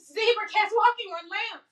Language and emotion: English, fearful